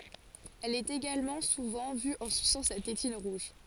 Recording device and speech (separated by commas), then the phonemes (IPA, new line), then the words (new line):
forehead accelerometer, read sentence
ɛl ɛt eɡalmɑ̃ suvɑ̃ vy ɑ̃ sysɑ̃ sa tetin ʁuʒ
Elle est également souvent vue en suçant sa tétine rouge.